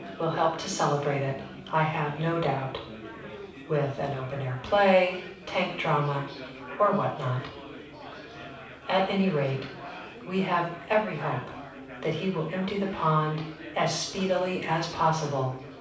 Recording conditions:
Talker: one person; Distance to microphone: 5.8 m; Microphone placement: far; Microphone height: 1.8 m; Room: medium-sized (5.7 m by 4.0 m); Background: babble

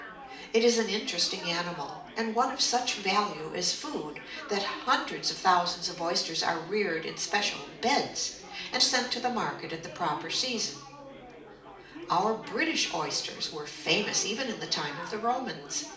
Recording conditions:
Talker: one person; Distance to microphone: 2.0 m; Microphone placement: close; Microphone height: 99 cm; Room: medium-sized (5.7 m by 4.0 m); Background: babble

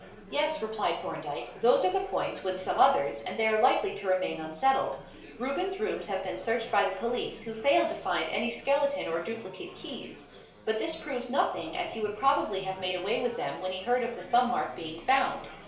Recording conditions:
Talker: one person; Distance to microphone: 1.0 m; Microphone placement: close; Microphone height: 1.1 m; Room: small (3.7 m by 2.7 m); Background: babble

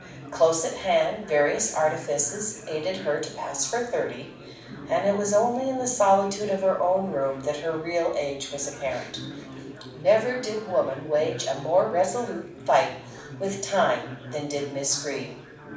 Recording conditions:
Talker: one person; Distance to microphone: 5.8 m; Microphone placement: far; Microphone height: 1.8 m; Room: medium-sized (5.7 m by 4.0 m); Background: babble

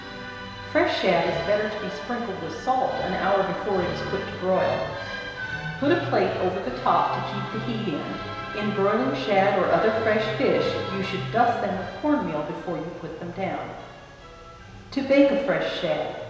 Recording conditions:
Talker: one person; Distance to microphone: 1.7 m; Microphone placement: close; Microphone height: 1.0 m; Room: very reverberant, large; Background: music

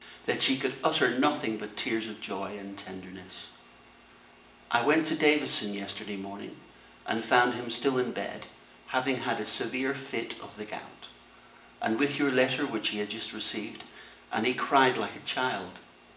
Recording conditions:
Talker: one person; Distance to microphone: 1.8 m; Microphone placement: close; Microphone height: 1.0 m; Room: large; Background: none

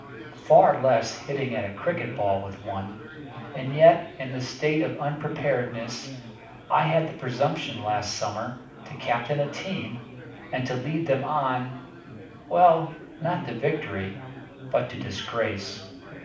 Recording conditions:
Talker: one person; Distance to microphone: 5.8 m; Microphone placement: far; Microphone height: 1.8 m; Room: medium-sized (5.7 m by 4.0 m); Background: babble

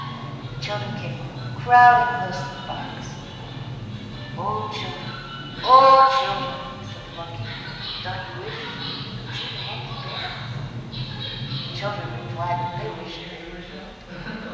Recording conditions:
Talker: one person; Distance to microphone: 1.7 m; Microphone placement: close; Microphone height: 1.0 m; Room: very reverberant, large; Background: television

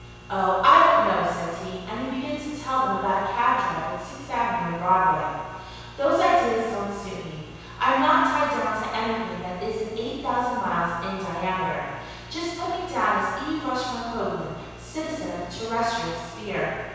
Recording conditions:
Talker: one person; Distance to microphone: 7.1 m; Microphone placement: far; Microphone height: 1.7 m; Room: very reverberant, large; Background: none

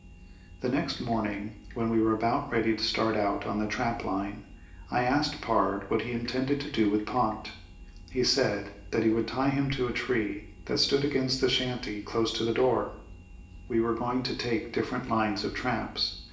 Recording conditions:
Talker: one person; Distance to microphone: 1.8 m; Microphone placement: close; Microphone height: 1.0 m; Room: large; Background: none

